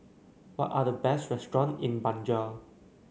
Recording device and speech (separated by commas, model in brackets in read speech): mobile phone (Samsung C9), read sentence